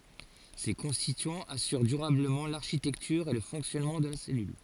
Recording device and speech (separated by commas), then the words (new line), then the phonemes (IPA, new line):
forehead accelerometer, read sentence
Ces constituants assurent durablement l'architecture et le fonctionnement de la cellule.
se kɔ̃stityɑ̃z asyʁ dyʁabləmɑ̃ laʁʃitɛktyʁ e lə fɔ̃ksjɔnmɑ̃ də la sɛlyl